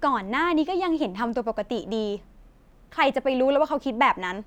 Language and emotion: Thai, frustrated